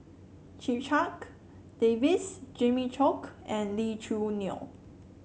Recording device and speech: mobile phone (Samsung C7), read sentence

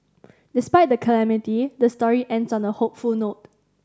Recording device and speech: standing microphone (AKG C214), read sentence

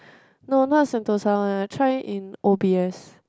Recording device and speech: close-talking microphone, conversation in the same room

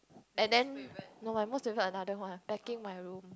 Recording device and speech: close-talking microphone, conversation in the same room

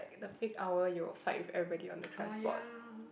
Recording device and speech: boundary microphone, conversation in the same room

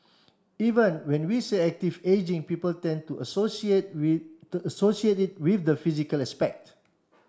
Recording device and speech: standing microphone (AKG C214), read sentence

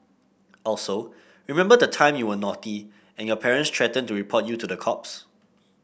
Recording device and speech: boundary microphone (BM630), read sentence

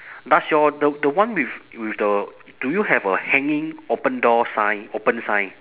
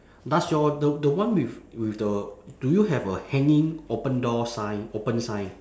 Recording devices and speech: telephone, standing microphone, conversation in separate rooms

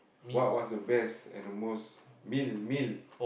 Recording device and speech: boundary microphone, conversation in the same room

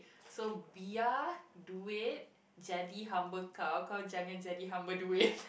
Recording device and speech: boundary microphone, conversation in the same room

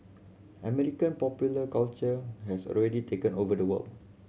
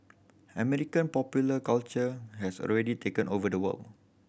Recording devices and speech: mobile phone (Samsung C7100), boundary microphone (BM630), read sentence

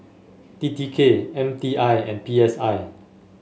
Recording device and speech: mobile phone (Samsung S8), read sentence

